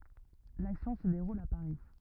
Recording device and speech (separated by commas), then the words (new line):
rigid in-ear microphone, read sentence
L’action se déroule à Paris.